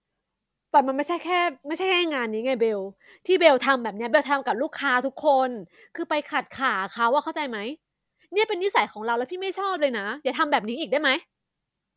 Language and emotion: Thai, angry